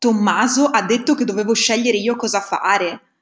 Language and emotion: Italian, surprised